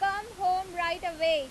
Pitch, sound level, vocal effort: 355 Hz, 98 dB SPL, very loud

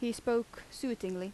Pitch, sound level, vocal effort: 235 Hz, 81 dB SPL, normal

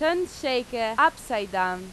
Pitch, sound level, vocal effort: 245 Hz, 93 dB SPL, very loud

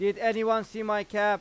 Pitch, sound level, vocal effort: 210 Hz, 98 dB SPL, loud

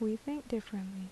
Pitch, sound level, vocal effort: 220 Hz, 73 dB SPL, soft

